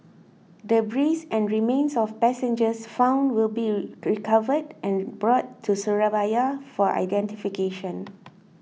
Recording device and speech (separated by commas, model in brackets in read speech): mobile phone (iPhone 6), read sentence